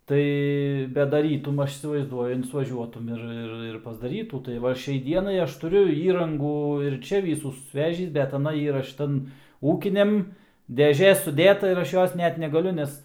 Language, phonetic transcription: Lithuanian, ˈtai bet daˈrytum ˈaš įsivaizˈduoju insvaˈžiuotum ir ˈir ir pasdaˈrytų tai ˈva ˈšiai ˈdienai ˈaš tuˈriu ˈįrangų ir ˈčia ˈvysų susˈvežįs bet aˈna ˈyra ˈšitan ˈūkiniam deˈžė suˈdėta ir ˈaš ˈjos ˈnet negaˈliu ˈnes

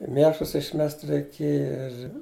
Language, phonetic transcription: Lithuanian, i ˈmėšlus išˈmest reiˈkėja ir

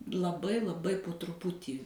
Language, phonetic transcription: Lithuanian, laˈbai laˈbai po truˈputį

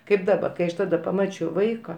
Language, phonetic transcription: Lithuanian, kaip ˈdaba kai ˈaš ˈtada paˈmačiau ˈvaika

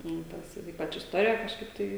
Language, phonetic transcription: Lithuanian, nu ˈtas ir ˈypač isˈtorija kažˈkaip ˈtai

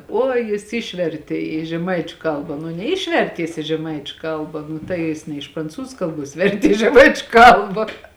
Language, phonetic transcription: Lithuanian, ˈuoj jis ˈišvertė į žeˈmaičiu ˈkalba nu neˈišvertė jis i žeˈmaičiu ˈkalba nu tai ˈjis ne iš pranˈcūzu ˈkalˌbuos ˈvertė i žeˈmaičiu ˈkalba

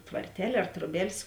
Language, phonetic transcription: Lithuanian, tvarˈtel' ar troˈbel's'

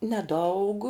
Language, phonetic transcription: Lithuanian, neˈdaug

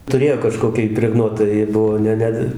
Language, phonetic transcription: Lithuanian, tuˈrėjo kaˈžkoki ipreˈgnuota ji ˈbuvo ˈne ˈne

